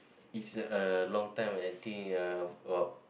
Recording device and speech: boundary microphone, conversation in the same room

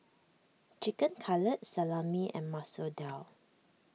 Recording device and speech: mobile phone (iPhone 6), read sentence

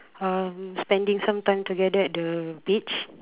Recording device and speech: telephone, conversation in separate rooms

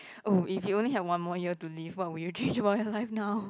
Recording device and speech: close-talking microphone, conversation in the same room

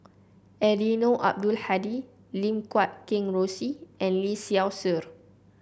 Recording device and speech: boundary microphone (BM630), read sentence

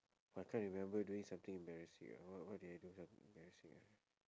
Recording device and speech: standing microphone, conversation in separate rooms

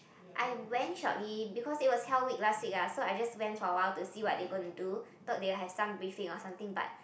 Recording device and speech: boundary microphone, conversation in the same room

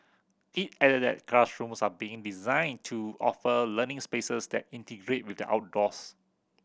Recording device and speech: boundary microphone (BM630), read sentence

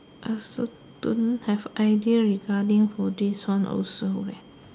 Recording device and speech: standing microphone, conversation in separate rooms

